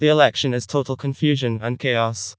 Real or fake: fake